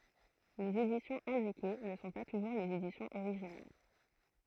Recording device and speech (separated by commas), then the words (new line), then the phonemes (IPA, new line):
throat microphone, read sentence
Les éditions indiquées ne sont pas toujours les éditions originales.
lez edisjɔ̃z ɛ̃dike nə sɔ̃ pa tuʒuʁ lez edisjɔ̃z oʁiʒinal